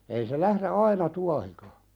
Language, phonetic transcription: Finnish, ei se 'lähre "aina 'tuahika .
- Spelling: ei se lähde aina tuohikaan

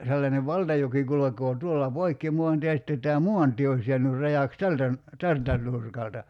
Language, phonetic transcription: Finnish, sellanev "valtajoki 'kulok̀oo 'tuolla "poikki muantie ja sⁱtte tää "muantie ois je̬änyr 'rajàks "tältä ‿n- , "tältä 'ǹurkalta .
- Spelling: sellainen valtajoki kulkee tuolla poikki maantien ja sitten tämä maantie olisi jäänyt rajaksi tältä - tältä nurkalta

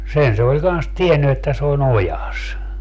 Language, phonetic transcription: Finnish, 'sen se oĺ kans "tienny että se o"n ‿ojas .
- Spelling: sen se oli kanssa tiennyt että se on ojassa

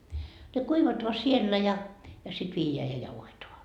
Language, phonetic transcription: Finnish, ne 'kuivatoa siellä ja , ja sit 'viijeä ja 'jauhetoa .
- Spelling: ne kuivataan siellä ja ja sitten viedään ja jauhetaan

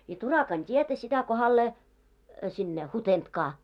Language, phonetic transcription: Finnish, ja 'Turakan 't́ietä sitä kohallee , sinne "Hutentkaa .
- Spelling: ja Turakan tietä sitä kohdalleen sinne Hutentkaan

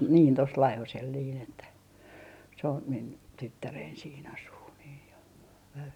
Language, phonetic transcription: Finnish, niin 'tos , niin tos "Laihosel niin ‿että , se on , min , "tyttärein sii'n ‿asuu nii ja , vävy .
- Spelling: niin tuossa niin tuossa Laihosella niin että se on minun tyttäreni siinä asuu niin ja vävy

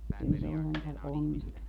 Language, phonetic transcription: Finnish, kyl se ol sentä , 'on(netonta) .
- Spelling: kyllä se oli sentään onnetonta

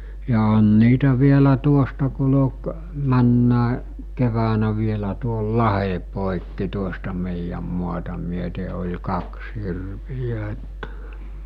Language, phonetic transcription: Finnish, ja on 'niitä vielä 'tuosta kul°k , 'männä(e) , keväänä vielä tuol "lahe pòikki tuosta mèijäm muata myöte oĺ 'kaks hirvijä että .
- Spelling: ja on niitä vielä tuosta kulki menneenäkin keväänä vielä tuon lahden poikki tuosta meidän maata myöten oli kaksi hirveä että

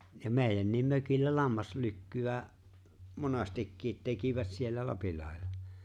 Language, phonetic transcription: Finnish, ja 'mèi̬jännim 'mökillä 'lammaslykky₍ä , 'monastikkiit 'tekivät siellä "Lapillahella .
- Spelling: ja meidänkin mökillä lammaslykkyä monestikin tekivät siellä Lapinlahdella

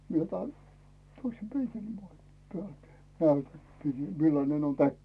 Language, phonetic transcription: Finnish, mie otan , toise ('peikeli pois) , 'pⁱältä , 'näytäm 'millanen on "täkki .
- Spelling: minä otan toisen peikelin pois päältä näytän millainen on täkki

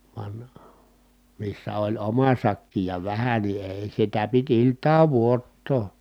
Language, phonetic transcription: Finnish, van , missä oĺ oma sakki ja vähä ni èi̮ sitä pit ilt̀aav vuottoo .
- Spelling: vaan missä oli oma sakki ja vähän niin ei sitä piti iltaan odottaa

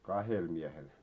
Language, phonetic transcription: Finnish, 'kahel miehel ?
- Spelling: kahdella miehellä

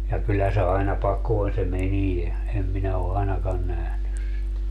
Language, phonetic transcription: Finnish, ja 'kyllä se aina 'pakoon se "menie , em 'minä o 'ainakan 'nähnys sit .
- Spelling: ja kyllä se aina pakoon se meni en minä ole ainakaan nähnyt sitä

